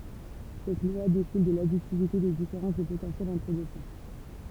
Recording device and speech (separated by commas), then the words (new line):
temple vibration pickup, read sentence
Cette loi découle de l'additivité des différences de potentiel entre deux points.